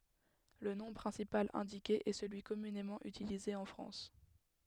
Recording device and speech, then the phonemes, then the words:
headset microphone, read sentence
lə nɔ̃ pʁɛ̃sipal ɛ̃dike ɛ səlyi kɔmynemɑ̃ ytilize ɑ̃ fʁɑ̃s
Le nom principal indiqué est celui communément utilisé en France.

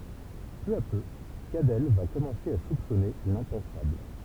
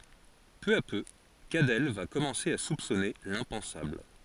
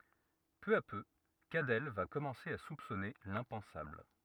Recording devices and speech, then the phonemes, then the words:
temple vibration pickup, forehead accelerometer, rigid in-ear microphone, read sentence
pø a pø kadɛl va kɔmɑ̃se a supsɔne lɛ̃pɑ̃sabl
Peu à peu, Cadell va commencer à soupçonner l'impensable.

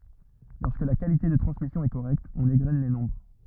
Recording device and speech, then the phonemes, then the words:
rigid in-ear microphone, read sentence
lɔʁskə la kalite də tʁɑ̃smisjɔ̃ ɛ koʁɛkt ɔ̃n eɡʁɛn le nɔ̃bʁ
Lorsque la qualité de transmission est correcte, on égrène les nombres.

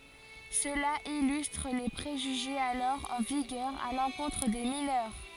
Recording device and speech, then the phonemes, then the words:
forehead accelerometer, read sentence
səla ilystʁ le pʁeʒyʒez alɔʁ ɑ̃ viɡœʁ a lɑ̃kɔ̃tʁ de minœʁ
Cela illustre les préjugés alors en vigueur à l'encontre des mineurs.

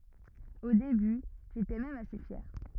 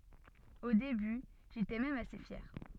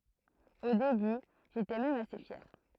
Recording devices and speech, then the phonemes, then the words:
rigid in-ear microphone, soft in-ear microphone, throat microphone, read sentence
o deby ʒetɛ mɛm ase fjɛʁ
Au début, j'étais même assez fier.

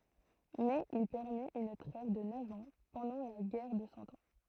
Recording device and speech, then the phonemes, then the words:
throat microphone, read sentence
mɛz il pɛʁmit yn tʁɛv də nœv ɑ̃ pɑ̃dɑ̃ la ɡɛʁ də sɑ̃ ɑ̃
Mais il permit une trêve de neuf ans pendant la guerre de Cent Ans.

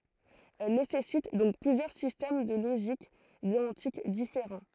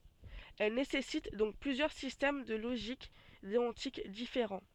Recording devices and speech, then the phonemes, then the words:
throat microphone, soft in-ear microphone, read sentence
ɛl nesɛsit dɔ̃k plyzjœʁ sistɛm də loʒik deɔ̃tik difeʁɑ̃
Elle nécessite donc plusieurs systèmes de logique déontique différents.

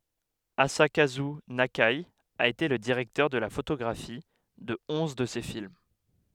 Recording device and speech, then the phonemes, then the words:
headset microphone, read sentence
azakazy nake a ete lə diʁɛktœʁ də la fotoɡʁafi də ɔ̃z də se film
Asakazu Nakai a été le directeur de la photographie de onze de ses films.

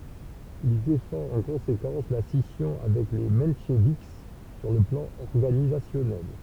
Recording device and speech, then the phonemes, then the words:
temple vibration pickup, read sentence
il defɑ̃t ɑ̃ kɔ̃sekɑ̃s la sisjɔ̃ avɛk le mɑ̃ʃvik syʁ lə plɑ̃ ɔʁɡanizasjɔnɛl
Il défend en conséquence la scission avec les mencheviks sur le plan organisationnel.

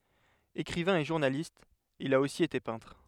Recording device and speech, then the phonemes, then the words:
headset microphone, read sentence
ekʁivɛ̃ e ʒuʁnalist il a osi ete pɛ̃tʁ
Écrivain et journaliste, il a aussi été peintre.

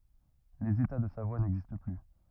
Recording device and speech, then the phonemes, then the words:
rigid in-ear microphone, read sentence
lez eta də savwa nɛɡzist ply
Les États de Savoie n'existent plus.

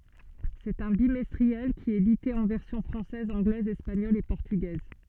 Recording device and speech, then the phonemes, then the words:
soft in-ear microphone, read sentence
sɛt œ̃ bimɛstʁiɛl ki ɛt edite ɑ̃ vɛʁsjɔ̃ fʁɑ̃sɛz ɑ̃ɡlɛz ɛspaɲɔl e pɔʁtyɡɛz
C'est un bimestriel, qui est édité en versions française, anglaise, espagnole et portugaise.

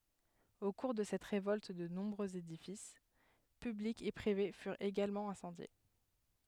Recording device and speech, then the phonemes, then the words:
headset microphone, read sentence
o kuʁ də sɛt ʁevɔlt də nɔ̃bʁøz edifis pyblikz e pʁive fyʁt eɡalmɑ̃ ɛ̃sɑ̃dje
Au cours de cette révolte de nombreux édifices publics et privés furent également incendiés.

